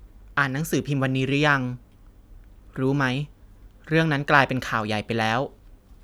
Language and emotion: Thai, neutral